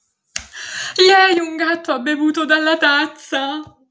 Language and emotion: Italian, fearful